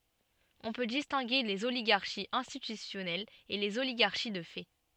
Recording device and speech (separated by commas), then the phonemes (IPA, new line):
soft in-ear microphone, read sentence
ɔ̃ pø distɛ̃ɡe lez oliɡaʁʃiz ɛ̃stitysjɔnɛlz e lez oliɡaʁʃi də fɛ